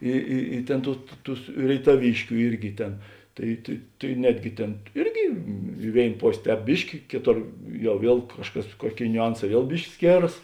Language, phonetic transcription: Lithuanian, ˈi i i ˈtėn ˈtų tu ˈtus rėitaˈvyškiu ˈirgi ˈtėn ˈtai tai tai ˈnetgi ˈtėn ˈirgi i ˈvėin ˈpos' ˈtēp ˈbiški ˈkėˌtor ˈjau ˈviel ˈkažˌkas ˈkuoˌkėi niuˈanˌsā ˈviel ˈbiški ˈskėras

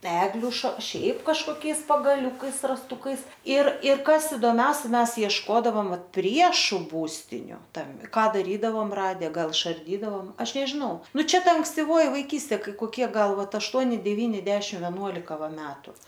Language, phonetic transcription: Lithuanian, ˈegliu ša ˈšiaip kažkoˈkiais pagaˈliukais rasˈtukais ir ir ˈkas idoˈmiausia ˈmes iešˈkodavom ˈvat ˈpriešu ˈbūstiniu tam ˈką daˈrydavom ˈrade ˈgal išarˈdydavom ˈaš nežiˈnau ˈnuˈ čia ˈta ankstiˈvoji vaiˈkystė ˈkai koˈkie ˈgal ˈvat ašˈtuoni deˈvyni ˈdešim veˈnuolika ˈva ˈmetu

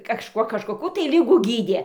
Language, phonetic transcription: Lithuanian, kaˈžkuo kažkoˈkų tai ˈligų ˈgydie

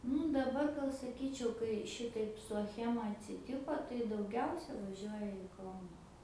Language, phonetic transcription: Lithuanian, ˈnu daˈbar gal saˈkyčiau kai ˈšitaip su aˈchema atsiˈtiko tai dauˈgiausia vaˈžiuoja i ˈkauna

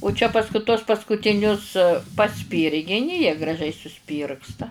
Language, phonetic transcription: Lithuanian, u čia pasˈku tuos paskutiˈnius paˈspyrgini jie graˈžiai suˈspyrgsta

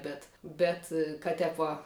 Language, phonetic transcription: Lithuanian, ˈbet ˈbet kad ˈtep va

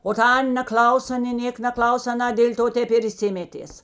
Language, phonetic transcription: Lithuanian, o ˈta ˈan' neˈklauso nė ˈnėka neˈklaus aˈna dėl' ˈto ˈtep ir išˈsimetės

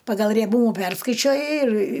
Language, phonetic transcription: Lithuanian, ˈpagal rieˈbūmu ˈperskaičioji ir

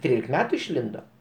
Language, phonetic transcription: Lithuanian, tik ˈtrylik ˈmetu išˈlindo

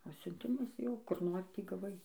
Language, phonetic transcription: Lithuanian, o siunˈtimas ˈjau kur ˈnori ˈtį gaˈvai

